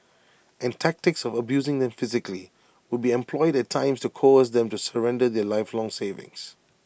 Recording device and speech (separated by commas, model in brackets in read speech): boundary microphone (BM630), read sentence